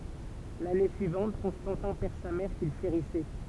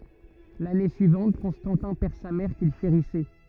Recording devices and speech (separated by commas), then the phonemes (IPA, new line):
temple vibration pickup, rigid in-ear microphone, read sentence
lane syivɑ̃t kɔ̃stɑ̃tɛ̃ pɛʁ sa mɛʁ kil ʃeʁisɛ